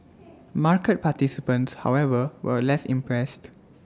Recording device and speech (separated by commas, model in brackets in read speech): standing microphone (AKG C214), read sentence